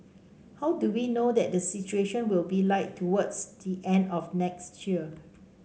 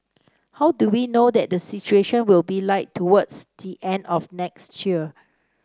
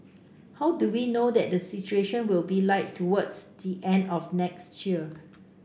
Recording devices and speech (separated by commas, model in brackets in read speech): mobile phone (Samsung C5), standing microphone (AKG C214), boundary microphone (BM630), read sentence